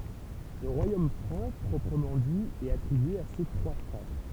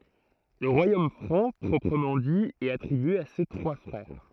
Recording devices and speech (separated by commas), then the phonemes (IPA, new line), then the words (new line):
temple vibration pickup, throat microphone, read sentence
lə ʁwajom fʁɑ̃ pʁɔpʁəmɑ̃ di ɛt atʁibye a se tʁwa fʁɛʁ
Le Royaume franc proprement dit est attribué à ses trois frères.